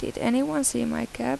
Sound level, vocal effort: 81 dB SPL, soft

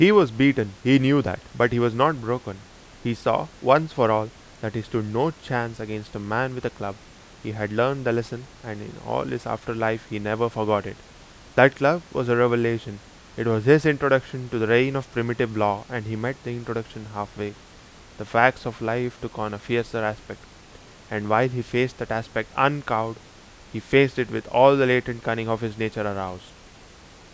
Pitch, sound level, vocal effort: 115 Hz, 88 dB SPL, loud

